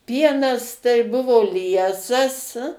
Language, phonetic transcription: Lithuanian, ˈpienas tai ˈbuvo ˈliesas

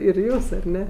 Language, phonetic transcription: Lithuanian, ir ˈjūs ar ˈne

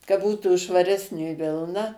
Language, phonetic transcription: Lithuanian, ka ˈbūtų švaˈresnė ˈvilna

